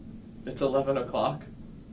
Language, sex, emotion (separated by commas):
English, male, neutral